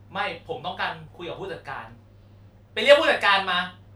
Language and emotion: Thai, angry